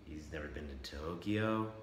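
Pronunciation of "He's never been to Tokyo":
'He's never been to Tokyo' is said with doubt: the voice goes up, as in a question, but then flattens out at the end.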